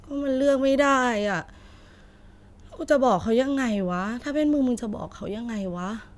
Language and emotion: Thai, frustrated